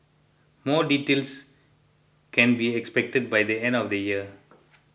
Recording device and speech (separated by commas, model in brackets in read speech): boundary microphone (BM630), read sentence